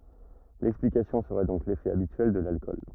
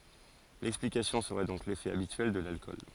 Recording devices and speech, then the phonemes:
rigid in-ear microphone, forehead accelerometer, read sentence
lɛksplikasjɔ̃ səʁɛ dɔ̃k lefɛ abityɛl də lalkɔl

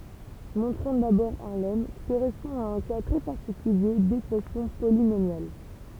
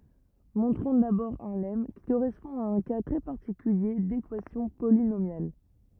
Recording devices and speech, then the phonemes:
temple vibration pickup, rigid in-ear microphone, read sentence
mɔ̃tʁɔ̃ dabɔʁ œ̃ lɛm ki koʁɛspɔ̃ a œ̃ ka tʁɛ paʁtikylje dekwasjɔ̃ polinomjal

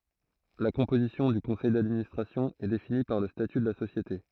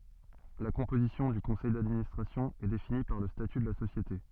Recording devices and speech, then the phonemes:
throat microphone, soft in-ear microphone, read sentence
la kɔ̃pozisjɔ̃ dy kɔ̃sɛj dadministʁasjɔ̃ ɛ defini paʁ lə staty də la sosjete

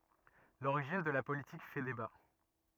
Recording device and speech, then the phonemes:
rigid in-ear microphone, read sentence
loʁiʒin də la politik fɛ deba

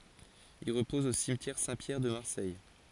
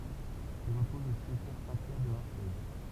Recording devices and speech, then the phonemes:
forehead accelerometer, temple vibration pickup, read sentence
il ʁəpɔz o simtjɛʁ sɛ̃tpjɛʁ də maʁsɛj

